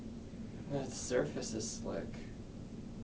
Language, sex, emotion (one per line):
English
male
neutral